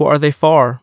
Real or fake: real